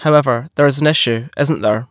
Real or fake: real